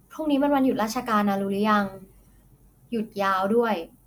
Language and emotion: Thai, neutral